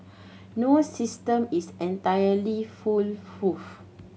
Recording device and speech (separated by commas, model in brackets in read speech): mobile phone (Samsung C7100), read sentence